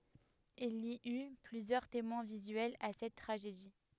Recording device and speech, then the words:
headset microphone, read sentence
Il y eut plusieurs témoins visuels à cette tragédie.

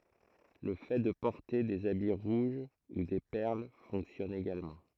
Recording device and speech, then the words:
throat microphone, read sentence
Le fait de porter des habits rouges ou des perles fonctionne également.

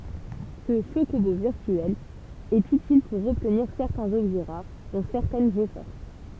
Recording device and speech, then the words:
temple vibration pickup, read sentence
Ce chocobo virtuel est utile pour obtenir certains objets rares, dont certaines G-Forces.

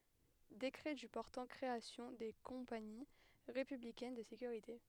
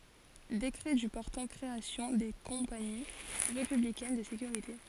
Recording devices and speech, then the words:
headset microphone, forehead accelerometer, read sentence
Décret du portant création des Compagnies républicaines de sécurité.

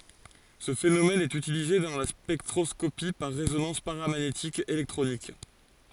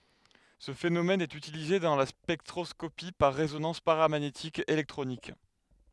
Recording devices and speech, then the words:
forehead accelerometer, headset microphone, read sentence
Ce phénomène est utilisé dans la spectroscopie par résonance paramagnétique électronique.

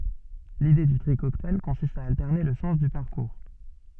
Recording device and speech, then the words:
soft in-ear microphone, read sentence
L'idée du tri cocktail consiste à alterner le sens du parcours.

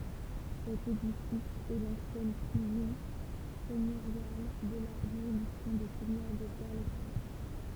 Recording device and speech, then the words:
temple vibration pickup, read sentence
Cet édifice est l'ancienne prison seigneuriale de la juridiction des seigneurs de Guerlesquin.

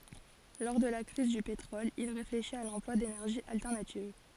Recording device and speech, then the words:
forehead accelerometer, read sentence
Lors de la crise du pétrole, il réfléchit à l'emploi d'énergies alternatives.

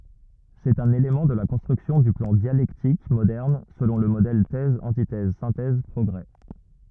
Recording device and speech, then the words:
rigid in-ear microphone, read sentence
C'est un élément de la construction du plan dialectique moderne selon le modèle Thèse-antithèse-synthèse-progrés.

